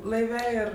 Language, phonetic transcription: Lithuanian, laiˈve ˈir

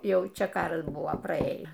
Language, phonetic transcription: Lithuanian, ˈjau ˈčia ˈkaras ˈbuvo praˈėję

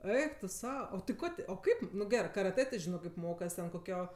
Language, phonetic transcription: Lithuanian, ˈeik tu ˈsau o ti ˈko ti o ˈkaip nu ˈgerɜ karaˈtɜ ti ˈžino kaip ˈmokas ten koˈkio

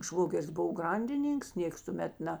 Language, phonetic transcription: Lithuanian, ˈšvogeris ˈbuvo ˈgrandiˌnynks ˈnėks tuˈmet ˈne

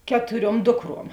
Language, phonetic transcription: Lithuanian, ˈketuˌriuom ˈdukˌruom

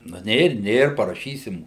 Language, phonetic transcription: Lithuanian, nu ˈnėr ˈnėr paraˈšysim

